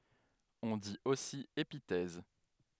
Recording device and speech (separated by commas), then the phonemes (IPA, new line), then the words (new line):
headset microphone, read sentence
ɔ̃ dit osi epitɛz
On dit aussi épithèse.